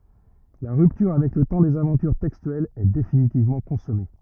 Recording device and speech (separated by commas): rigid in-ear microphone, read sentence